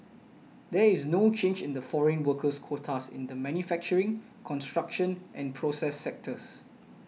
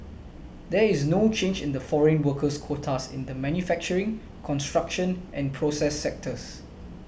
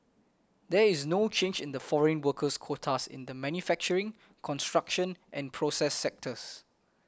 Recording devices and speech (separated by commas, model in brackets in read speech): mobile phone (iPhone 6), boundary microphone (BM630), close-talking microphone (WH20), read sentence